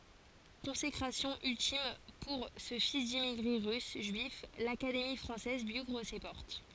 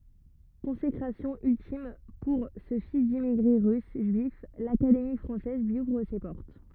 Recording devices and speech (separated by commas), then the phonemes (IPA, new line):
forehead accelerometer, rigid in-ear microphone, read sentence
kɔ̃sekʁasjɔ̃ yltim puʁ sə fis dimmiɡʁe ʁys ʒyif lakademi fʁɑ̃sɛz lyi uvʁ se pɔʁt